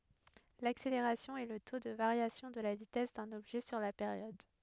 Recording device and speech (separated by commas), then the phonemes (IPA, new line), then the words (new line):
headset microphone, read sentence
lakseleʁasjɔ̃ ɛ lə to də vaʁjasjɔ̃ də la vitɛs dœ̃n ɔbʒɛ syʁ la peʁjɔd
L'accélération est le taux de variation de la vitesse d'un objet sur la période.